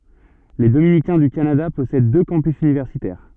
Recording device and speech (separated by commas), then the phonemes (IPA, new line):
soft in-ear microphone, read sentence
le dominikɛ̃ dy kanada pɔsɛd dø kɑ̃pys ynivɛʁsitɛʁ